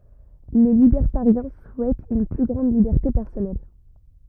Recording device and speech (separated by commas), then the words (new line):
rigid in-ear microphone, read sentence
Les libertariens souhaitent une plus grande liberté personnelle.